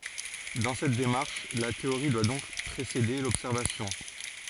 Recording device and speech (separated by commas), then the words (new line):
forehead accelerometer, read sentence
Dans cette démarche, la théorie doit donc précéder l'observation.